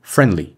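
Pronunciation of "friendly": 'Friendly' is said with a consonant dropped, so not every letter is pronounced.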